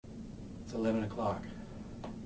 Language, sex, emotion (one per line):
English
male
neutral